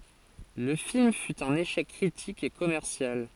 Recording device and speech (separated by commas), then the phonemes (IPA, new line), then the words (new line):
forehead accelerometer, read sentence
lə film fy œ̃n eʃɛk kʁitik e kɔmɛʁsjal
Le film fut un échec critique et commercial.